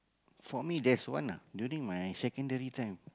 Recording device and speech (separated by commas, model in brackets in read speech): close-talking microphone, conversation in the same room